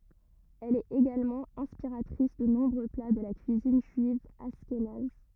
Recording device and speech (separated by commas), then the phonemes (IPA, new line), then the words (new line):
rigid in-ear microphone, read sentence
ɛl ɛt eɡalmɑ̃ ɛ̃spiʁatʁis də nɔ̃bʁø pla də la kyizin ʒyiv aʃkenaz
Elle est également inspiratrice de nombreux plats de la cuisine juive ashkénaze.